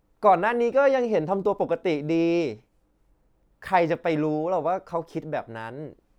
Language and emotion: Thai, frustrated